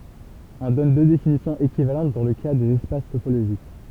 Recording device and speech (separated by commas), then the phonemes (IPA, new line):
temple vibration pickup, read sentence
ɔ̃ dɔn dø definisjɔ̃z ekivalɑ̃t dɑ̃ lə ka dez ɛspas topoloʒik